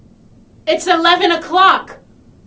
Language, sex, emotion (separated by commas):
English, female, angry